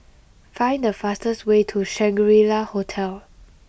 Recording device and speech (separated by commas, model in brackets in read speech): boundary microphone (BM630), read sentence